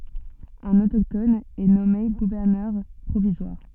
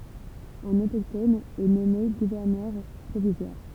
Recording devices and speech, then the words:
soft in-ear microphone, temple vibration pickup, read sentence
Un autochtone est nommé gouverneur provisoire.

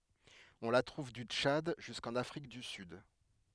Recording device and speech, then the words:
headset microphone, read sentence
On la trouve du Tchad jusqu'en Afrique du Sud.

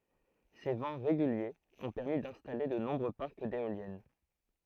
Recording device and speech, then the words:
throat microphone, read sentence
Ces vents réguliers ont permis d’installer de nombreux parcs d’éoliennes.

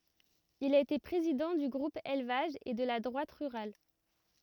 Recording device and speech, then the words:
rigid in-ear microphone, read sentence
Il a été président du Groupe élevage, et de la Droite rurale.

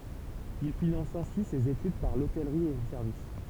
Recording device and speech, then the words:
temple vibration pickup, read sentence
Il finance ainsi ses études, par l'hôtellerie et le service.

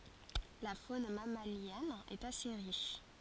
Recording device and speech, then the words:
forehead accelerometer, read sentence
La faune mammalienne est assez riche.

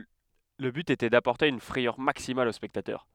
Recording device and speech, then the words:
headset microphone, read sentence
Le but était d'apporter une frayeur maximale aux spectateurs.

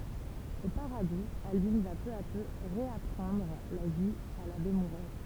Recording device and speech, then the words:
temple vibration pickup, read sentence
Au Paradou, Albine va peu à peu réapprendre la vie à l’abbé Mouret.

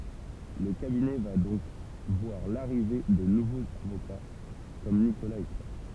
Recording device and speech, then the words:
temple vibration pickup, read sentence
Le cabinet va donc voir l'arrivée de nouveaux avocats comme Nicolas et Claire.

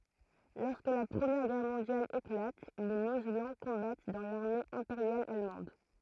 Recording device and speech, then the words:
throat microphone, read sentence
Lorsque la Première Guerre mondiale éclate, les Mosellans combattent dans l'armée impériale allemande.

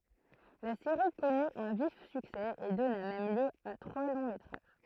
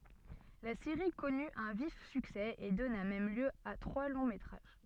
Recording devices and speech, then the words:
throat microphone, soft in-ear microphone, read sentence
La série connu un vif succès et donna même lieu à trois longs métrages.

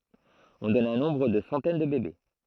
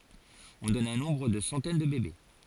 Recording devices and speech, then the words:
throat microphone, forehead accelerometer, read sentence
On donne un nombre de centaines de bébés.

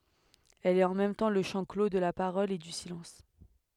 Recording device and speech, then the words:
headset microphone, read sentence
Elle est en même temps le champ clos de la parole et du silence.

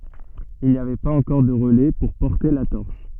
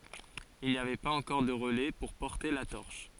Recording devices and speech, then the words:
soft in-ear microphone, forehead accelerometer, read sentence
Il n'y avait pas encore de relais pour porter la torche.

